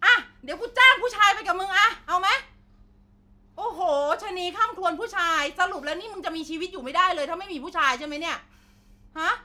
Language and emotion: Thai, angry